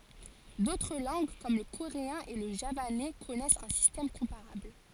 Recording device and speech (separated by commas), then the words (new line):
forehead accelerometer, read sentence
D'autres langues, comme le coréen et le javanais, connaissent un système comparable.